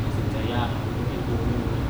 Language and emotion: Thai, frustrated